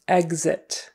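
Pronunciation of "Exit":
In 'exit', the x is said with a gz sound, not a ks sound.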